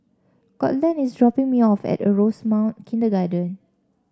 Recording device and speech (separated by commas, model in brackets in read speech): standing microphone (AKG C214), read sentence